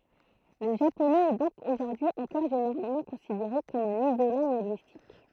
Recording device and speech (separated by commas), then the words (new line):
throat microphone, read sentence
Le japonais est donc aujourd'hui encore généralement considéré comme un isolat linguistique.